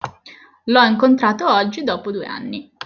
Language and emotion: Italian, neutral